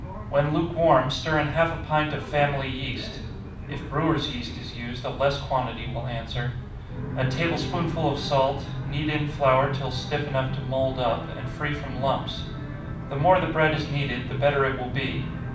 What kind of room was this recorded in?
A mid-sized room (about 5.7 m by 4.0 m).